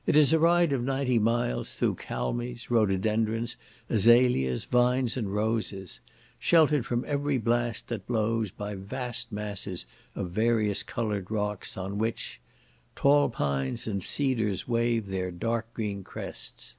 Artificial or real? real